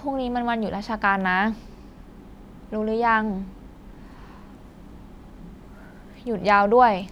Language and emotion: Thai, frustrated